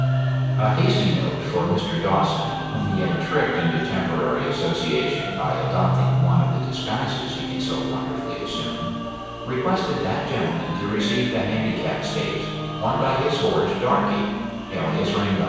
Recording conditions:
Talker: one person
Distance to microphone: 7.1 m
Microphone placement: far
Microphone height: 1.7 m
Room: very reverberant, large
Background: music

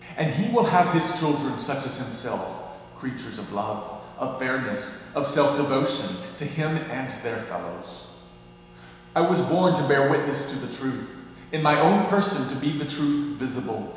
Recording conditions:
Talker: one person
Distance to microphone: 1.7 m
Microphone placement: close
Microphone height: 1.0 m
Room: very reverberant, large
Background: none

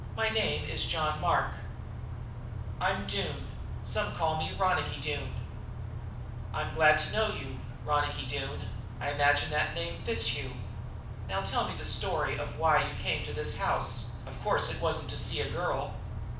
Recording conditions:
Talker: one person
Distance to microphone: 5.8 m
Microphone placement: far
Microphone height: 1.8 m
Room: medium-sized (5.7 m by 4.0 m)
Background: none

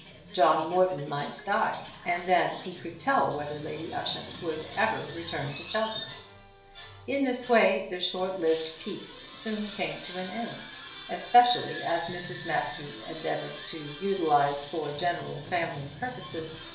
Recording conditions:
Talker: one person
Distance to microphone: 1.0 m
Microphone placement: close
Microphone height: 1.1 m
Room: small (3.7 m by 2.7 m)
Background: television

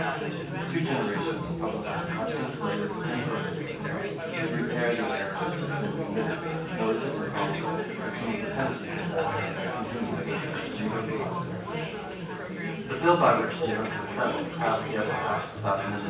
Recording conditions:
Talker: one person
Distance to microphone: 9.8 m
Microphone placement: far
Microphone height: 1.8 m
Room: large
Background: babble

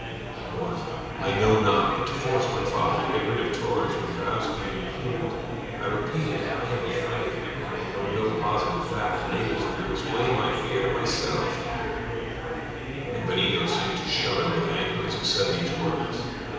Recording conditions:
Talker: one person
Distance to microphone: 7.1 m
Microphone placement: far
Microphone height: 1.7 m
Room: very reverberant, large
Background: babble

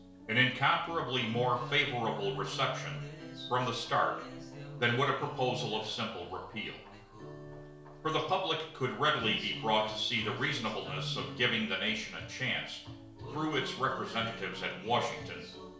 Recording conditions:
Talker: one person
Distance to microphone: 1.0 m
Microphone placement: close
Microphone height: 1.1 m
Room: small (3.7 m by 2.7 m)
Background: music

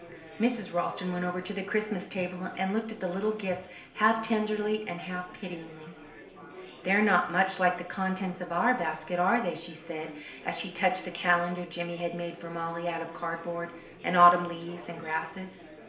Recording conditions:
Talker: one person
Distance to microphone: 1.0 m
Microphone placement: close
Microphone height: 1.1 m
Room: small (3.7 m by 2.7 m)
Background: babble

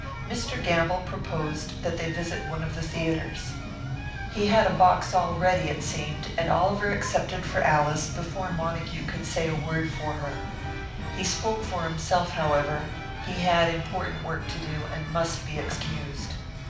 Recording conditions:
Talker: one person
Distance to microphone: 5.8 m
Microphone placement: far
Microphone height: 1.8 m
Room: medium-sized (5.7 m by 4.0 m)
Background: music

